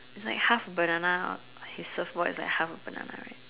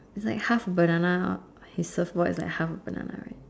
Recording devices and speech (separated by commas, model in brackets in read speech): telephone, standing microphone, conversation in separate rooms